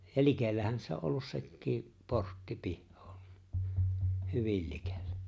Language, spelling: Finnish, ja likellähän se on ollut sekin portti pihaa hyvin likellä
- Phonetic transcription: ja 'likellähän se o’ ’ollus 'sekkii , 'portti 'pihhᴏᴏ , "hyvil 'likellᴀ̈ .

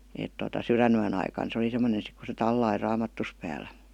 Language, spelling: Finnish, - että tuota sydänyön aikana se oli semmoinen sitten kun se tallasi raamattunsa päällä
- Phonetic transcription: (- -) et tota 'syränyän ‿aikan se oli sem°nen sik ku se 'tallai "raamattus pääl̆lÄ .

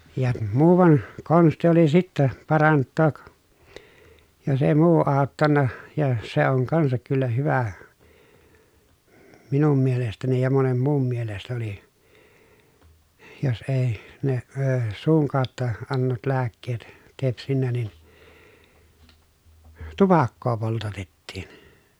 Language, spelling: Finnish, ja muuan konsti oli sitten parantaa jos ei muu auttanut ja se on kanssa kyllä hyvä minun mielestäni ja monen muun mielestä oli jos ei ne - suun kautta annetut lääkkeet tepsinyt niin tupakkaa poltatettiin
- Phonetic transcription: ja muuvan , konsti oli sittä , paranttook , jos èi muu àottanna , ja se oŋ kansak kyllä hyvä , minum mielestäni ja monem muum mielest ‿oli , jos èi , ne əə , suuŋ kàotta , annetut lääkkeet , tepsinnä nin , tupakkoo poltatettiin .

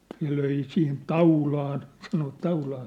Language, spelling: Finnish, ne löi siihen taulaan sanoivat taulaan
- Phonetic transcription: ne löi 'sihin "taulaan , sanovat 'taulaan .

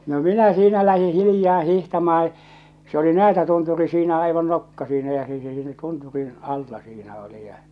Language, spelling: Finnish, no minä siinä lähdin hiljaa hiihtämään se oli Näätätunturi siinä aivan nokka siinä ja se se siinä tunturin alla siinä oli ja
- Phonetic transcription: no "minä 'siinä lähi 'hilⁱjaa 'hihtamaa , se oli 'Näätätunturi siinä aivan "nokka siinä ja se se siinä 'tunturin "alla siinä oli ja .

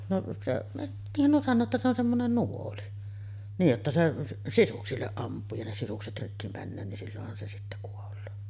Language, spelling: Finnish, no se niinhän nuo sanoo että se on semmoinen nuoli niin jotta se sisuksille ampuu ja ne sisukset rikki menee niin silloinhan se sitten kuolee
- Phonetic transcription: noˀ , 'seˀ , niihhän nuo sannoo että se ‿on 'semmonen "nuoli , niij jotta se , "sisuksilleˀ 'ˀamp̆puu ja ne sisukset 'rikki männöö nin 'sillohhan se sittä kuol̆loo .

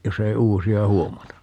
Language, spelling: Finnish, jos ei uusia huomata
- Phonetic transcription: 'jos ‿ei "uusi₍a 'huomata .

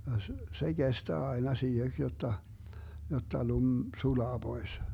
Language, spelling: Finnish, ja - se kestää aina siiheksi jotta jotta lumi sulaa pois
- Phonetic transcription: ja s- , 'se 'Gestää aina 'siiheks jotta , jotta 'lum , "sulaa 'Bois .

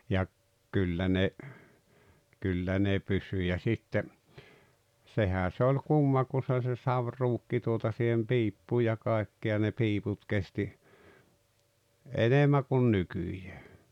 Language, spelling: Finnish, ja - kyllä ne kyllä ne pysyi ja sitten sehän se oli kumma kun se oli se saviruukki tuota siihen piippuun ja kaikki ja ne piiput kesti enemmän kuin nykyään
- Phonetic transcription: ja ‿k- , 'kyllä ne , 'kyllä ne "pysy ja 'sitte , 'sehä se oĺ "kumma ku sᵉ ‿oĺ se "savruukki tuota sihem "piippuu ja 'kài̬kki ja ne "piiput 'kesti , "enemmä kun "nykyᴊᴀ̈ᴀ̈ .

